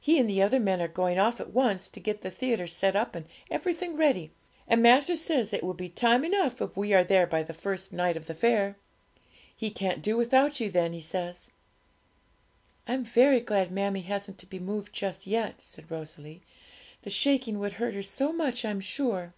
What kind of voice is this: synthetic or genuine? genuine